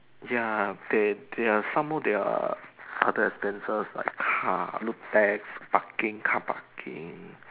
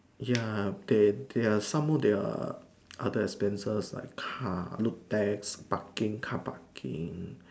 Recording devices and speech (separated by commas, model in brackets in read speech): telephone, standing microphone, conversation in separate rooms